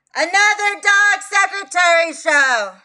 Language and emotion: English, disgusted